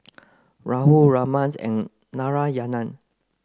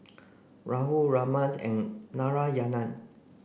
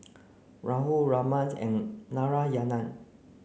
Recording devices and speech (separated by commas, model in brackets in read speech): close-talking microphone (WH30), boundary microphone (BM630), mobile phone (Samsung C9), read sentence